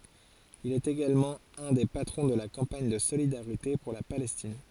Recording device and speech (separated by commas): forehead accelerometer, read sentence